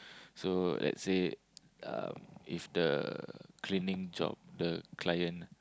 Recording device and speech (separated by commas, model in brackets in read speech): close-talking microphone, conversation in the same room